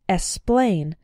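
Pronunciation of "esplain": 'Explain' is pronounced incorrectly here. The k sound is left out, so it sounds like 'esplain'.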